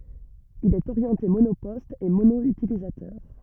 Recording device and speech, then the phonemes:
rigid in-ear microphone, read sentence
il ɛt oʁjɑ̃te monopɔst e mono ytilizatœʁ

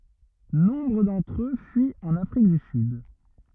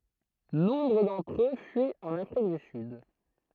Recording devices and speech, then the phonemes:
rigid in-ear microphone, throat microphone, read sentence
nɔ̃bʁ dɑ̃tʁ ø fyit ɑ̃n afʁik dy syd

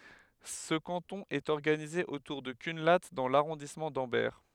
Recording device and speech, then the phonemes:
headset microphone, read sentence
sə kɑ̃tɔ̃ ɛt ɔʁɡanize otuʁ də kœ̃la dɑ̃ laʁɔ̃dismɑ̃ dɑ̃bɛʁ

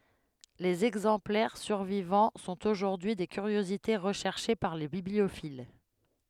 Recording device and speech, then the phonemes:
headset microphone, read sentence
lez ɛɡzɑ̃plɛʁ syʁvivɑ̃ sɔ̃t oʒuʁdyi de kyʁjozite ʁəʃɛʁʃe paʁ le bibliofil

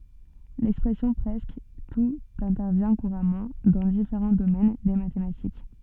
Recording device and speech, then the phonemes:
soft in-ear microphone, read sentence
lɛkspʁɛsjɔ̃ pʁɛskə tut ɛ̃tɛʁvjɛ̃ kuʁamɑ̃ dɑ̃ difeʁɑ̃ domɛn de matematik

